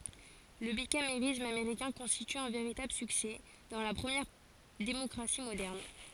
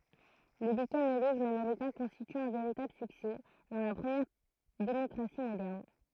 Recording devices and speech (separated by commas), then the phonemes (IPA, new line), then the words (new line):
forehead accelerometer, throat microphone, read sentence
lə bikameʁism ameʁikɛ̃ kɔ̃stity œ̃ veʁitabl syksɛ dɑ̃ la pʁəmjɛʁ demɔkʁasi modɛʁn
Le bicamérisme américain constitue un véritable succès dans la première démocratie moderne.